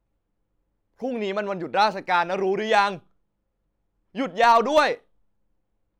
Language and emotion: Thai, angry